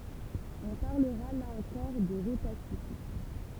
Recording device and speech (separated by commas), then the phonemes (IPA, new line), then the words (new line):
temple vibration pickup, read sentence
ɔ̃ paʁləʁa la ɑ̃kɔʁ də ʁotasism
On parlera là encore de rhotacisme.